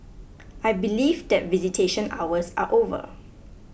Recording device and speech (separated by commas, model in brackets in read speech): boundary microphone (BM630), read sentence